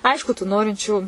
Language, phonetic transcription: Lithuanian, ˈaišku tų ˈnorinčių

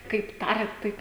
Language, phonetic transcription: Lithuanian, kaip ˈtariat ˈtaip

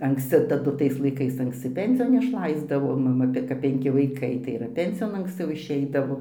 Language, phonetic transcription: Lithuanian, anksˈci taˈdu ˈtais laiˈkais anksˈci ˈpensijon išˈlaisdavo maˈma be kap penˈki vaiˈkai tai ir ˈpensijon anksˈciau išˈeidavo

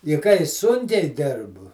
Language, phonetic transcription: Lithuanian, i kai ˈsunkiai ˈdirbu

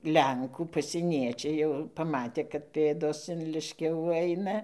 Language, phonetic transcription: Lithuanian, ˈlenkų pasieˈniečiai jau paˈmatė kad ˈpėdos in ˈliškiavų ˈaina

